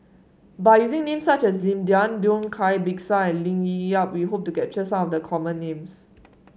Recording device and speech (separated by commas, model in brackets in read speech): mobile phone (Samsung S8), read sentence